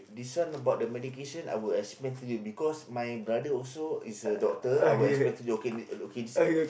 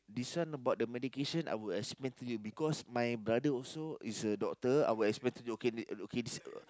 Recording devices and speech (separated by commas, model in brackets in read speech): boundary microphone, close-talking microphone, conversation in the same room